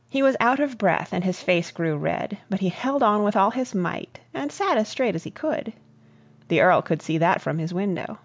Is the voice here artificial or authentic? authentic